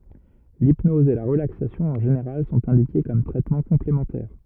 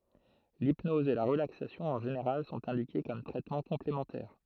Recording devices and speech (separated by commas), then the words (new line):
rigid in-ear microphone, throat microphone, read sentence
L'hypnose et la relaxation en général sont indiquées comme traitement complémentaire.